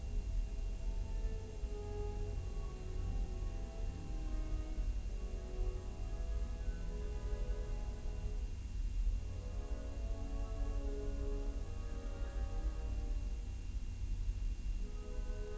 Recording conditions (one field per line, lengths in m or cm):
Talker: no one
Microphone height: 76 cm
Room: large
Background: music